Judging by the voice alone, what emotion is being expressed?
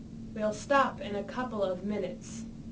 neutral